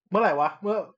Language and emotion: Thai, angry